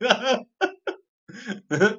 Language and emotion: Thai, happy